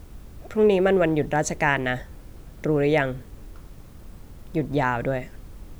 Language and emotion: Thai, neutral